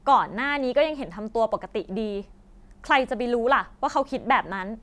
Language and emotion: Thai, frustrated